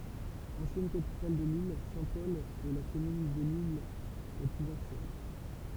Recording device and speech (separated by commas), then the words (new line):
temple vibration pickup, read sentence
Ancienne capitale de l'île, Saint-Paul est la commune de l'île la plus ancienne.